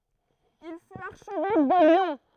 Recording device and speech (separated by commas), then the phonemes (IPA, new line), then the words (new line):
throat microphone, read sentence
il fyt aʁʃvɛk də ljɔ̃
Il fut archevêque de Lyon.